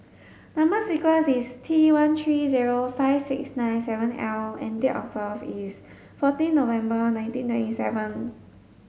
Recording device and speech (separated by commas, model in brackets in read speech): mobile phone (Samsung S8), read sentence